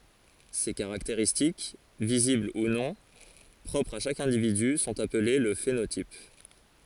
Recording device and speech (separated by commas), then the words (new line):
forehead accelerometer, read sentence
Ces caractéristiques, visibles ou non, propres à chaque individu sont appelées le phénotype.